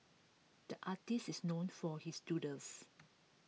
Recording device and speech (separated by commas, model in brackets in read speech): mobile phone (iPhone 6), read sentence